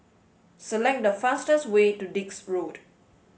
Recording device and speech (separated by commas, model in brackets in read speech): mobile phone (Samsung S8), read sentence